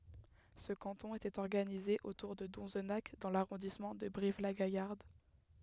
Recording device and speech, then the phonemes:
headset microphone, read sentence
sə kɑ̃tɔ̃ etɛt ɔʁɡanize otuʁ də dɔ̃znak dɑ̃ laʁɔ̃dismɑ̃ də bʁivlaɡajaʁd

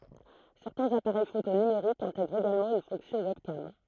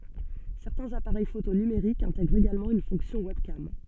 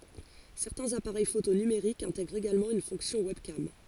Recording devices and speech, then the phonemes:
throat microphone, soft in-ear microphone, forehead accelerometer, read sentence
sɛʁtɛ̃z apaʁɛj foto nymeʁikz ɛ̃tɛɡʁt eɡalmɑ̃ yn fɔ̃ksjɔ̃ wɛbkam

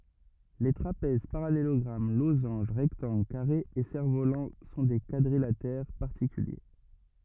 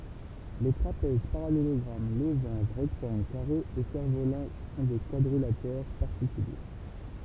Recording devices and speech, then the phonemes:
rigid in-ear microphone, temple vibration pickup, read sentence
le tʁapɛz paʁalelɔɡʁam lozɑ̃ʒ ʁɛktɑ̃ɡl kaʁez e sɛʁ volɑ̃ sɔ̃ de kwadʁilatɛʁ paʁtikylje

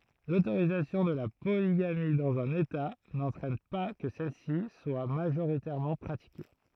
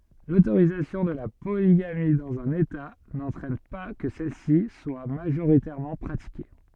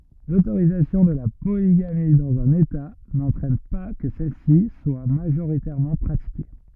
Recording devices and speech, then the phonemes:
throat microphone, soft in-ear microphone, rigid in-ear microphone, read sentence
lotoʁizasjɔ̃ də la poliɡami dɑ̃z œ̃n eta nɑ̃tʁɛn pa kə sɛlsi swa maʒoʁitɛʁmɑ̃ pʁatike

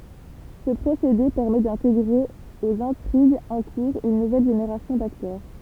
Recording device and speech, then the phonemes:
temple vibration pickup, read sentence
sə pʁosede pɛʁmɛ dɛ̃teɡʁe oz ɛ̃tʁiɡz ɑ̃ kuʁz yn nuvɛl ʒeneʁasjɔ̃ daktœʁ

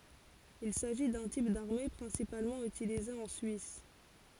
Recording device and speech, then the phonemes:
forehead accelerometer, read sentence
il saʒi dœ̃ tip daʁme pʁɛ̃sipalmɑ̃ ytilize ɑ̃ syis

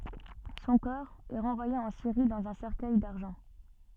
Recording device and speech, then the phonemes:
soft in-ear microphone, read sentence
sɔ̃ kɔʁ ɛ ʁɑ̃vwaje ɑ̃ siʁi dɑ̃z œ̃ sɛʁkœj daʁʒɑ̃

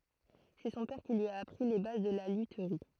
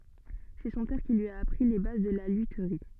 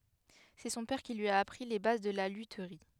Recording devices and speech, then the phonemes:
throat microphone, soft in-ear microphone, headset microphone, read sentence
sɛ sɔ̃ pɛʁ ki lyi a apʁi le baz də la lytʁi

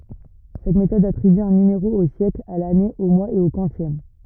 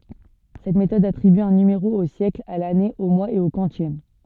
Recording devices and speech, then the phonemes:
rigid in-ear microphone, soft in-ear microphone, read sentence
sɛt metɔd atʁiby œ̃ nymeʁo o sjɛkl a lane o mwaz e o kwɑ̃sjɛm

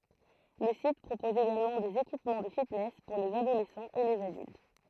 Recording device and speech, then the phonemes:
throat microphone, read sentence
lə sit pʁopɔz eɡalmɑ̃ dez ekipmɑ̃ də fitnɛs puʁ lez adolɛsɑ̃z e lez adylt

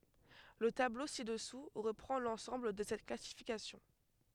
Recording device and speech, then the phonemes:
headset microphone, read sentence
lə tablo si dəsu ʁəpʁɑ̃ lɑ̃sɑ̃bl də sɛt klasifikasjɔ̃

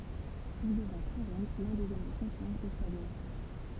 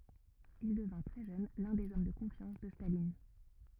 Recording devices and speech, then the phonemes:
temple vibration pickup, rigid in-ear microphone, read sentence
il dəvɛ̃ tʁɛ ʒøn lœ̃ dez ɔm də kɔ̃fjɑ̃s də stalin

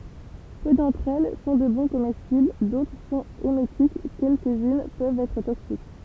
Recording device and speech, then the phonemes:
temple vibration pickup, read sentence
pø dɑ̃tʁ ɛl sɔ̃ də bɔ̃ komɛstibl dotʁ sɔ̃t emetik kɛlkəzyn pøvt ɛtʁ toksik

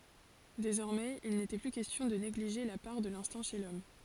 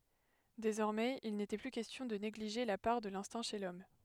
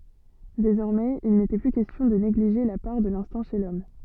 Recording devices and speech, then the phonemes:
forehead accelerometer, headset microphone, soft in-ear microphone, read sentence
dezɔʁmɛz il netɛ ply kɛstjɔ̃ də neɡliʒe la paʁ də lɛ̃stɛ̃ ʃe lɔm

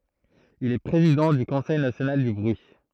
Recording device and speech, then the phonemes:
throat microphone, read sentence
il ɛ pʁezidɑ̃ dy kɔ̃sɛj nasjonal dy bʁyi

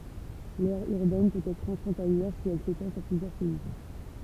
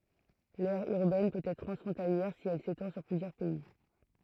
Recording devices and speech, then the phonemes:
temple vibration pickup, throat microphone, read sentence
lɛʁ yʁbɛn pøt ɛtʁ tʁɑ̃sfʁɔ̃taljɛʁ si ɛl setɑ̃ syʁ plyzjœʁ pɛi

